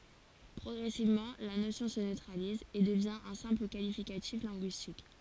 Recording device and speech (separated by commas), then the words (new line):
forehead accelerometer, read sentence
Progressivement, la notion se neutralise et devient un simple qualificatif linguistique.